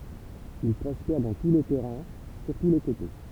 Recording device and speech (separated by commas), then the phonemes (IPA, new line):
temple vibration pickup, read sentence
il pʁɔspɛʁ dɑ̃ tu le tɛʁɛ̃ syʁtu le koto